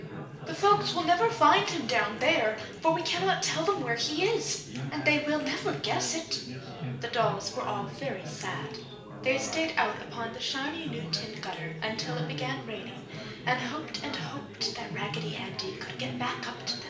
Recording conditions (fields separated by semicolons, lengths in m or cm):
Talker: one person; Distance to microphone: 1.8 m; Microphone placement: close; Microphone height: 1.0 m; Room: large; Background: babble